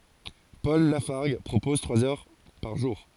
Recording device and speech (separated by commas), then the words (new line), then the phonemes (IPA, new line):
forehead accelerometer, read sentence
Paul Lafargue propose trois heures par jour.
pɔl lafaʁɡ pʁopɔz tʁwaz œʁ paʁ ʒuʁ